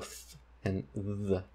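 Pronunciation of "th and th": The two th sounds differ in voicing: one is voiced and the other is voiceless.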